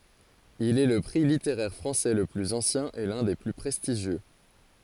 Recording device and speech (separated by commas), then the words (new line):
forehead accelerometer, read sentence
Il est le prix littéraire français le plus ancien et l'un des plus prestigieux.